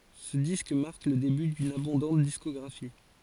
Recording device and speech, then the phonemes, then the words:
forehead accelerometer, read sentence
sə disk maʁk lə deby dyn abɔ̃dɑ̃t diskɔɡʁafi
Ce disque marque le début d'une abondante discographie.

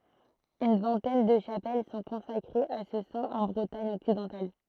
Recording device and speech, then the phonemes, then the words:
throat microphone, read sentence
yn vɛ̃tɛn də ʃapɛl sɔ̃ kɔ̃sakʁez a sə sɛ̃ ɑ̃ bʁətaɲ ɔksidɑ̃tal
Une vingtaine de chapelles sont consacrées à ce saint en Bretagne occidentale.

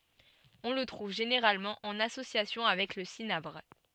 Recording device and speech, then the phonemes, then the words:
soft in-ear microphone, read sentence
ɔ̃ lə tʁuv ʒeneʁalmɑ̃ ɑ̃n asosjasjɔ̃ avɛk lə sinabʁ
On le trouve généralement en association avec le cinabre.

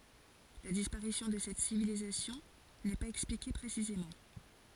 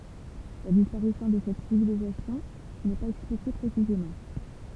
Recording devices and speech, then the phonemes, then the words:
forehead accelerometer, temple vibration pickup, read sentence
la dispaʁisjɔ̃ də sɛt sivilizasjɔ̃ nɛ paz ɛksplike pʁesizemɑ̃
La disparition de cette civilisation n'est pas expliquée précisément.

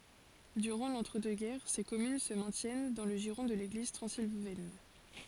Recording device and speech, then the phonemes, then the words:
forehead accelerometer, read sentence
dyʁɑ̃ lɑ̃tʁədøksɡɛʁ se kɔmyn sə mɛ̃tjɛn dɑ̃ lə ʒiʁɔ̃ də leɡliz tʁɑ̃zilvɛn
Durant l'entre-deux-guerres, ces communes se maintiennent dans le giron de l'Église transylvaine.

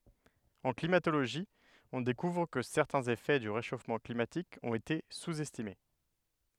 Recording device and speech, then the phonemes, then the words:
headset microphone, read sentence
ɑ̃ klimatoloʒi ɔ̃ dekuvʁ kə sɛʁtɛ̃z efɛ dy ʁeʃofmɑ̃ klimatik ɔ̃t ete suz ɛstime
En climatologie, on découvre que certains effets du réchauffement climatique ont été sous-estimés.

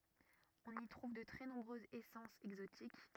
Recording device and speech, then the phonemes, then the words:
rigid in-ear microphone, read sentence
ɔ̃n i tʁuv də tʁɛ nɔ̃bʁøzz esɑ̃sz ɛɡzotik
On y trouve de très nombreuses essences exotiques.

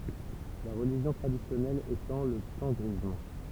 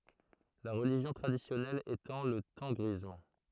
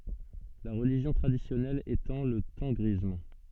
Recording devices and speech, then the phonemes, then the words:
temple vibration pickup, throat microphone, soft in-ear microphone, read sentence
la ʁəliʒjɔ̃ tʁadisjɔnɛl etɑ̃ lə tɑ̃ɡʁism
La religion traditionnelle étant le tengrisme.

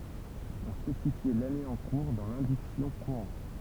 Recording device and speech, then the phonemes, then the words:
temple vibration pickup, read sentence
ɔ̃ spesifjɛ lane ɑ̃ kuʁ dɑ̃ lɛ̃diksjɔ̃ kuʁɑ̃t
On spécifiait l'année en cours dans l'indiction courante.

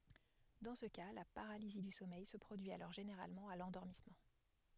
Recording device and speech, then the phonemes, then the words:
headset microphone, read sentence
dɑ̃ sə ka la paʁalizi dy sɔmɛj sə pʁodyi alɔʁ ʒeneʁalmɑ̃ a lɑ̃dɔʁmismɑ̃
Dans ce cas, la paralysie du sommeil se produit alors généralement à l'endormissement.

